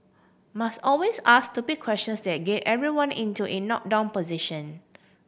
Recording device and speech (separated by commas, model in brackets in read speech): boundary microphone (BM630), read sentence